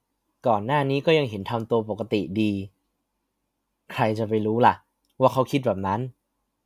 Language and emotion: Thai, neutral